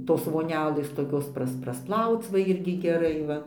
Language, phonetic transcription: Lithuanian, ˈtos voˈnelės toˈkios ˈpras prasˈplauc va ˈirgi geˈrai ˈva

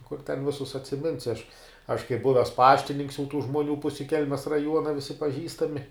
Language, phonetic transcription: Lithuanian, kur ten ˈvisus atsiˈminsi aš aš kaip ˈbuves ˈpaštininks jau tų žmuoˈnių ˈpusi ˈkelmes raˈjuona ˈvisi paˈžįstami

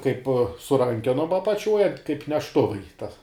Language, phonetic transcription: Lithuanian, kaip su ˈrankenom apaˈčiuoj kaip nešˈtuvai ta

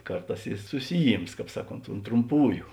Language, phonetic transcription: Lithuanian, ˈkarˌtās i ˈsusiˈjyms ˈkāp ˈsaˌkont unt trumˈpųju

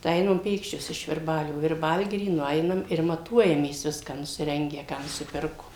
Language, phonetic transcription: Lithuanian, tai ˈeinam ˈpėkščios iš virˈbalio virˈbalgiry nuˈeinam ir maˈtuojamės ˈviską nusiˈrengę ˈką nusiˈpirkom

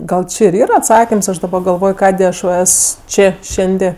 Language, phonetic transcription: Lithuanian, ˈgal ˈči ir ˈyra atˈsakims ˈaš daˈba galˈvoj ˈkadė ˈaš va ˈes ˈčė ˈšendė

